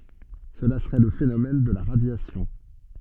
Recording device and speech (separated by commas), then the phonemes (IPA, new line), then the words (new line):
soft in-ear microphone, read sentence
səla səʁɛ lə fenomɛn də la ʁadjasjɔ̃
Cela serait le phénomène de la radiation.